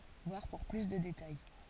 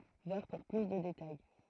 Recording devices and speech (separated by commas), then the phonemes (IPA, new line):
forehead accelerometer, throat microphone, read sentence
vwaʁ puʁ ply də detaj